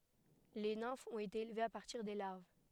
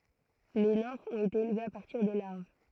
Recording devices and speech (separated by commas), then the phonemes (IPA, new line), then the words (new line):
headset microphone, throat microphone, read sentence
le nɛ̃fz ɔ̃t ete elvez a paʁtiʁ de laʁv
Les nymphes ont été élevées à partir des larves.